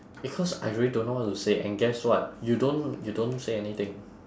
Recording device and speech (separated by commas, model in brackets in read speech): standing microphone, conversation in separate rooms